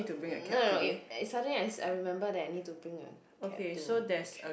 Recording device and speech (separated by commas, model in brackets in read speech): boundary microphone, conversation in the same room